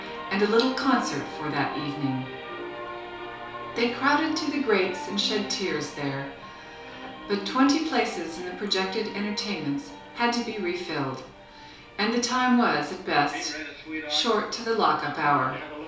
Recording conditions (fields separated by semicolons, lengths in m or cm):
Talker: one person; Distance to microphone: 3.0 m; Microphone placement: far; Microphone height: 1.8 m; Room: small (3.7 m by 2.7 m); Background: television